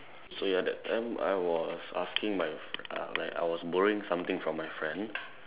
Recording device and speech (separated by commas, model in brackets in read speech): telephone, conversation in separate rooms